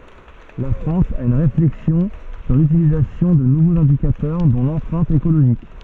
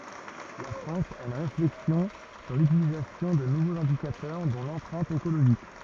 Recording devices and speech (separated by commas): soft in-ear microphone, rigid in-ear microphone, read sentence